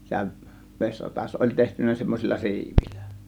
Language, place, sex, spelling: Finnish, Kiihtelysvaara, male, sehän vesiratas oli tehty semmoisilla siivillä
- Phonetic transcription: 'sehäv 'veśratas oĺ tehtyn̆nä semmos͕illa "si̬ivil̆lÄ .

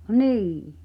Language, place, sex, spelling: Finnish, Pihtipudas, female, niin
- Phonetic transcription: nî .

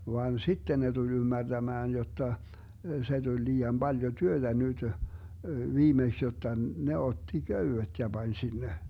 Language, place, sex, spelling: Finnish, Vermlanti, male, vaan sitten ne tuli ymmärtämään jotta se tuli liian paljon työtä nyt viimeksi jotta ne otti köydet ja pani sinne
- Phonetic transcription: vaan 'sitten ne tuĺ 'ymmärDämään jotta , se 'Duĺ 'lii₍am 'Baljo "työtä 'nytö , 'viimeks jotta 'ne otti "köywet ja 'Bań 'sinne .

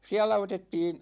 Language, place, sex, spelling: Finnish, Ikaalinen, male, siellä otettiin
- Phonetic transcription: 'siälä otettiin̬ ,.

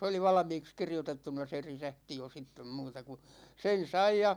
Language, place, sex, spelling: Finnish, Ikaalinen, male, se oli valmiiksi kirjoitettuna se resepti jo sitten muuta kuin sen sai ja
- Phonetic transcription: 's ‿oli "valᵃmiiks 'kirjotettuna se 'risähti jo sittem 'muuta ku , 'sen̬ "sai ja ,.

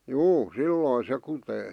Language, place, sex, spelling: Finnish, Vihti, male, juu silloin se kutee
- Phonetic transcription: 'juu , "sillòⁱn se 'kutee .

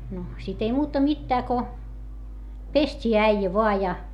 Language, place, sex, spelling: Finnish, Hietamäki, female, no sitten ei muuta mitään kuin pestiin äijä vain ja
- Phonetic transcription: no , sit ‿ei muuta mittää ko , pest́ii äijä voa ja .

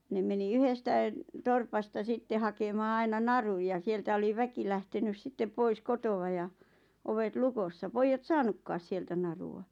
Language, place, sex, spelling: Finnish, Lappajärvi, female, ne meni yhdestä torpasta sitten hakemaan aina narun ja sieltä oli väki lähtenyt sitten pois kotoa ja ovet lukossa pojat saanutkaan sieltä narua
- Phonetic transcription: 'ne meni 'yhestäⁱⁿ , 'torpasta 'sitte hakemaa 'aina "naruj ja 'sieltä oli 'väki lähtenys 'sitte 'pois "kotowa ja , 'ovet "lukossa 'poijjat "saanukkaas sieltä 'naru₍a .

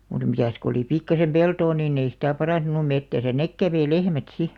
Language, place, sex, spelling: Finnish, Alastaro, female, mutta mitäs kun oli pikkuisen peltoa niin ei sitä parantunut metsässä ne kävi lehmät sitten
- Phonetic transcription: mut 'mitäs ko oli 'pikkasem "peltoo niin ‿ei sitä̀ 'paràntunu "mettäsä "nek 'käveⁱ "lehmät 'si .

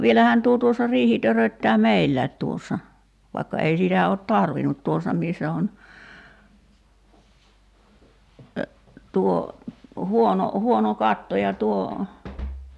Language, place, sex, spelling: Finnish, Kerimäki, female, vielähän tuo tuossa riihi töröttää meillä tuossa vaikka ei sitä ole tarvinnut tuossa missä on tuo huono huono katto ja tuo
- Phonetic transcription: 'vielähään 'tuo tuossa 'riihi töröttää "meillä̀i̬t tuossa , vaikka ei 'sitä ot "tarvinut 'tuos̆sa missä on , 'tuo , 'huono , 'huono "katto ja tuo ,.

